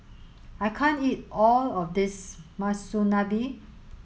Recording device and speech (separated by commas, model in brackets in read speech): mobile phone (Samsung S8), read sentence